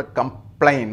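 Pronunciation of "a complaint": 'Complaint' is pronounced incorrectly here.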